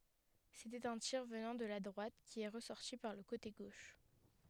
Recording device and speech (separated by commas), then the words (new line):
headset microphone, read sentence
C'était un tir venant de la droite qui est ressorti par le côté gauche.